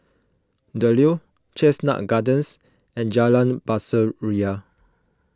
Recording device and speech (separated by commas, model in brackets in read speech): close-talking microphone (WH20), read sentence